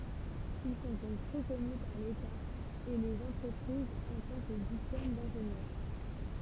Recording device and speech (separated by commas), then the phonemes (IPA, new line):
temple vibration pickup, read sentence
il sɔ̃ dɔ̃k ʁəkɔny paʁ leta e lez ɑ̃tʁəpʁizz ɑ̃ tɑ̃ kə diplom dɛ̃ʒenjœʁ